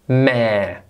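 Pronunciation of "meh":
The word has just two sounds: an m followed by the diphthong 'air', the vowel sound of 'there'.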